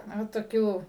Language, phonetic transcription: Lithuanian, ˈnu toˈkių

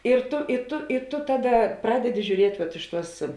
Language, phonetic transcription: Lithuanian, ir ˈtu i ˈtu i ˈtu ˈtaˌda ˈpradedi žiūˈriet' vat ˈiš ˌtuos

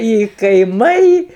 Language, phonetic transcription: Lithuanian, i kaiˈmai

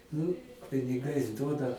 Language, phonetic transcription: Lithuanian, nu piniˈgais ˈduoda

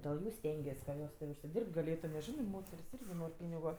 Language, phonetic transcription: Lithuanian, dėl ˈjų ˈstengies ka ˈjos ti užsiˈdirbt gaˈlėtu nes ˈžinɜ ˈmoter's' ˈirgi ˈnor' ˈpynigu

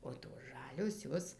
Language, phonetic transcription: Lithuanian, o tos ˈžalios ˈjos

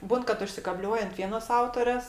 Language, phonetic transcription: Lithuanian, ˈbūn kad užsikaˈbliuoj ant ˈvienos ˈautorės

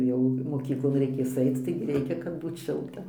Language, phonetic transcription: Lithuanian, ˈjau moˈkyklon reiˈkės ˈaic ˈtaigi ˈreikia kad ˈbūt ˈšilta

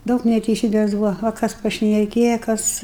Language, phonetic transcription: Lithuanian, ˈdaug neteiˈsybės ˈbuva o ˈkas pašneˈkėja ˈkas

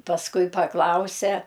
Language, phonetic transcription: Lithuanian, pasˈkui paˈklausia

